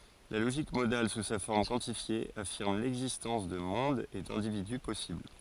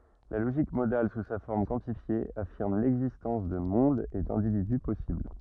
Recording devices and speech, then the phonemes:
forehead accelerometer, rigid in-ear microphone, read sentence
la loʒik modal su sa fɔʁm kwɑ̃tifje afiʁm lɛɡzistɑ̃s də mɔ̃dz e dɛ̃dividy pɔsibl

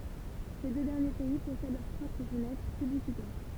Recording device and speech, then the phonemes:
temple vibration pickup, read sentence
se dø dɛʁnje pɛi pɔsɛd lœʁ pʁɔpʁ fənɛtʁ pyblisitɛʁ

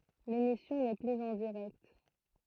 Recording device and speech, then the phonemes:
throat microphone, read sentence
lemisjɔ̃ nɛ plyz ɑ̃ diʁɛkt

